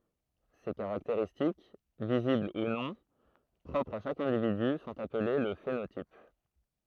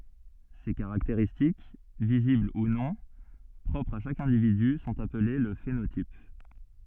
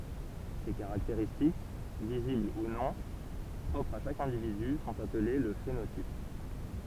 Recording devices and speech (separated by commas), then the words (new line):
throat microphone, soft in-ear microphone, temple vibration pickup, read sentence
Ces caractéristiques, visibles ou non, propres à chaque individu sont appelées le phénotype.